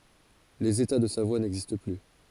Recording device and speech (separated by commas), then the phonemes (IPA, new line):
forehead accelerometer, read sentence
lez eta də savwa nɛɡzist ply